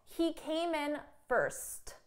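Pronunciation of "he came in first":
'First' comes at the very end of the sentence, and its final t sound is pushed out.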